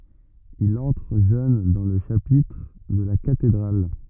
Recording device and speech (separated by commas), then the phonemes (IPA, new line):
rigid in-ear microphone, read sentence
il ɑ̃tʁ ʒøn dɑ̃ lə ʃapitʁ də la katedʁal